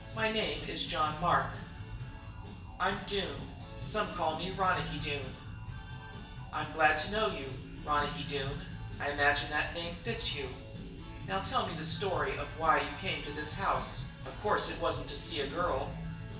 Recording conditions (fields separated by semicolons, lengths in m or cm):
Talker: one person; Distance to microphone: 1.8 m; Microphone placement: close; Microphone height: 1.0 m; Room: large; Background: music